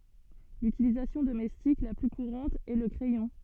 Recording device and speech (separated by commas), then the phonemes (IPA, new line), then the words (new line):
soft in-ear microphone, read sentence
lytilizasjɔ̃ domɛstik la ply kuʁɑ̃t ɛ lə kʁɛjɔ̃
L'utilisation domestique la plus courante est le crayon.